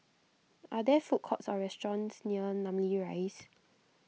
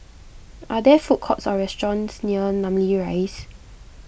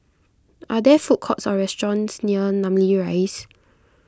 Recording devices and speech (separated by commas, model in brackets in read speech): mobile phone (iPhone 6), boundary microphone (BM630), close-talking microphone (WH20), read sentence